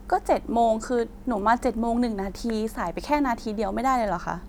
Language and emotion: Thai, frustrated